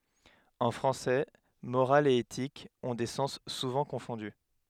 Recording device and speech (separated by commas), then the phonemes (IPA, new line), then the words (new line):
headset microphone, read sentence
ɑ̃ fʁɑ̃sɛ moʁal e etik ɔ̃ de sɑ̃s suvɑ̃ kɔ̃fɔ̃dy
En français, morale et éthique ont des sens souvent confondus.